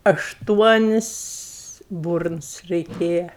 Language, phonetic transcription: Lithuanian, ašˈtuonis ˈburns reiˈkėja

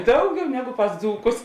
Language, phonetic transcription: Lithuanian, ˈdauˌgiau ˈnegu pas ˈdzūkus

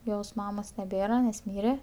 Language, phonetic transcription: Lithuanian, ˈjos ˈmamos neˈbėra nes ˈmyre

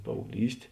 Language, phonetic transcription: Lithuanian, paaugˈlyst'

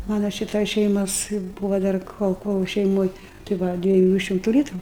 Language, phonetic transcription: Lithuanian, ˈmana ˈšitoj ˈšeimos ˈbūvo ˈdar ˈkol ˈkol šeiˈmoj tai ˈva dvieˈjų ˈšimtu ˈlytru

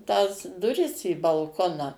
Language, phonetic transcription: Lithuanian, tąs duˈris į balˈkoną

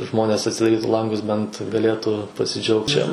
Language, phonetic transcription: Lithuanian, ˈžmonės atsidaˈrytu ˈlangus bent gaˈlėtų pasiˈdžiaugt čia

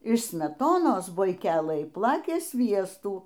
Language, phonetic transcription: Lithuanian, iš smeˈtonos buiˈkelɘj ˈplakė ˈsviestų

